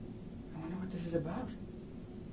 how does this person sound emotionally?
neutral